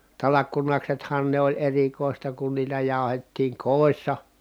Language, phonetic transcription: Finnish, talakkunaksethan ne ‿oĺ erikòista kun niitä jàu̬hettiiŋ kòissa .
- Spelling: talkkunaksethan ne oli erikoista kun niitä jauhettiin kodissa

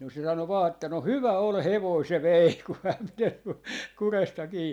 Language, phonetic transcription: Finnish, no se 'sano vaa että » no "hyvä 'ol "hevoi 'se "vei ku häm pitel , 'kuresta 'kii » .
- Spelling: no se sanoi vain että no hyvä oli hevonen se vei kun hän piteli kurjesta kiinni

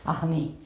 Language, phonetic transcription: Finnish, ah ńii .
- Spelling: ah niin

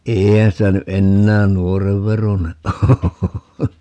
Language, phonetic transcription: Finnish, 'eeihän sitä ny "ʼennään "nuorev veroneʼ 'ʼoo .
- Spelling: eihän sitä nyt enää nuoren veroinen ole

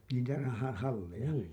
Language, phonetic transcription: Finnish, niitä ha- , 'halleja ?
- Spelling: niitä - halleja

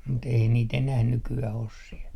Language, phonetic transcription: Finnish, mut 'ei niit enäh 'nyky₍äh 'os siɛ .
- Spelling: mutta ei niitä enää nykyään ole siellä

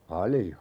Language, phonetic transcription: Finnish, 'palⁱjo .
- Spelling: paljon

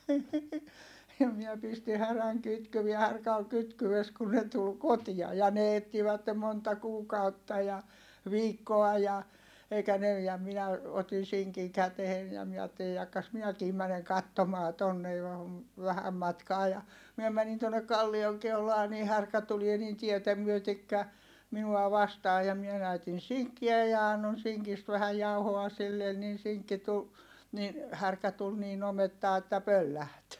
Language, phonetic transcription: Finnish, ja miɛ pisti häräŋ kytkyvie härkä ol kytkyʷes kun ne tul kotia(.) ja ne ettivättem monta kuukautta ja , viikkoa ja , eikä ne - ja minä , otin̬ siŋkiŋ kätehen ja miɛ aatteli » jakkas minäkii mäneŋ kattomaa tonne , vähäm matkaa » ja , miɛ mänin tuonnek̆ kallioŋ keulaa ni härkä tulie niin tietä myötekkä , minua vastaa ja mie näytin̬ siŋkkiä ja annon siŋkist vähäj jauhoa sillen nin̬ siŋkki tul , niin , härkä tul niin ‿omettaa että pölläht .
- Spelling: ja minä pistin härän kytkyet härkä oli kytkyessä kun ne tuli kotia ja ne etsivät monta kuukautta ja viikkoa ja eikä ne ja minä otin sinkin käteen ja minä ajattelin jahka minäkin menen katsomaan tuonne vähän matkaa ja minä menin tuonne kallion keulaan niin härkä tulee niin tietä myöten minua vastaan ja minä näytin sinkkiä ja annoin sinkistä vähän jauhoa sille niin sinkki tuli niin härkä tuli niin omettaan että pöllähti

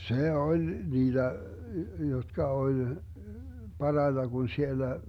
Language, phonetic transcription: Finnish, "se 'oĺ 'niiDä , jotka 'oĺ , 'paraita Gun 'siellä ,.
- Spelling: se oli niitä jotka oli parhaita kun siellä

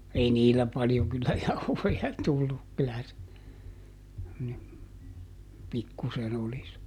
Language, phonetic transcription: Finnish, ˈei "niilä paljoŋ kyllä "jauhoja ˈtulluk kylä se , ni , ˈpikkusen ‿oli (se) .
- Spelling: ei niillä paljon kyllä jauhoja tullut kyllä se niin pikkusen oli se

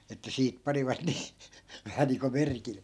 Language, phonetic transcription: Finnish, että 'siit 'panivat nii , 'vähä niiŋko "merkille .
- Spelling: että siitä panivat niin vähän niin kuin merkille

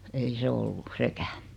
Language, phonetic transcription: Finnish, ei 'se ollu , "sekää .
- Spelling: ei se ollut sekään

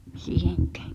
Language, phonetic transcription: Finnish, 'siihᴇᴎk̀ᴀ̈ᴀ̈ .
- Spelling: siihenkään

